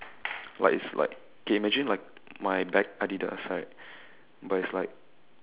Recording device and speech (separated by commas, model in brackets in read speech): telephone, conversation in separate rooms